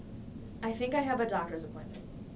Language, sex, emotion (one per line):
English
female
neutral